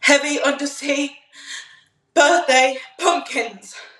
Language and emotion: English, fearful